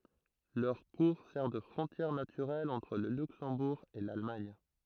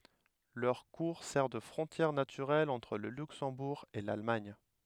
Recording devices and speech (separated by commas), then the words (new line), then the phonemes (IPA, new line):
throat microphone, headset microphone, read sentence
Leur cours sert de frontière naturelle entre le Luxembourg et l'Allemagne.
lœʁ kuʁ sɛʁ də fʁɔ̃tjɛʁ natyʁɛl ɑ̃tʁ lə lyksɑ̃buʁ e lalmaɲ